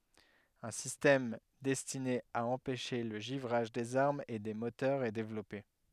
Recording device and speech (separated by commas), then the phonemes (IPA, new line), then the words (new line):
headset microphone, read sentence
œ̃ sistɛm dɛstine a ɑ̃pɛʃe lə ʒivʁaʒ dez aʁmz e de motœʁz ɛ devlɔpe
Un système destiné à empêcher le givrage des armes et des moteurs est développé.